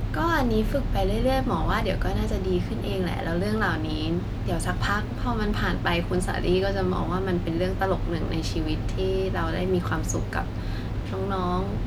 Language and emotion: Thai, neutral